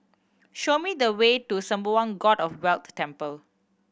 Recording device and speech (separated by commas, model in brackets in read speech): boundary microphone (BM630), read sentence